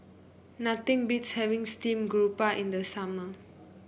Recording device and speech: boundary microphone (BM630), read sentence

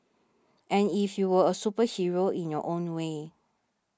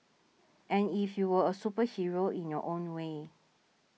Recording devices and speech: standing microphone (AKG C214), mobile phone (iPhone 6), read sentence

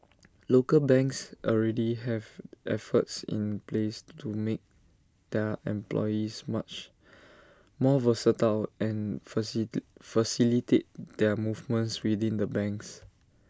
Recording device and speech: standing microphone (AKG C214), read sentence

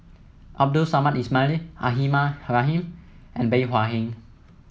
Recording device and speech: mobile phone (iPhone 7), read sentence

